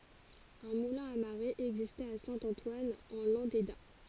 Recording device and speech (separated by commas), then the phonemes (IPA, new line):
forehead accelerometer, read sentence
œ̃ mulɛ̃ a maʁe ɛɡzistɛt a sɛ̃ ɑ̃twan ɑ̃ lɑ̃deda